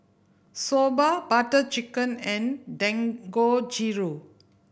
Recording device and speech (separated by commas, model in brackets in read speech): boundary microphone (BM630), read sentence